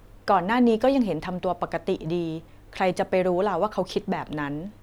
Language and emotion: Thai, neutral